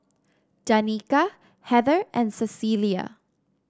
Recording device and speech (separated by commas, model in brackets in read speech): standing microphone (AKG C214), read sentence